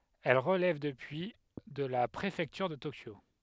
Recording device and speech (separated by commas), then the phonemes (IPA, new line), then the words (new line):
headset microphone, read sentence
ɛl ʁəlɛv dəpyi də la pʁefɛktyʁ də tokjo
Elle relève depuis de la préfecture de Tokyo.